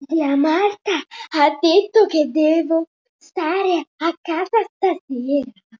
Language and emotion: Italian, surprised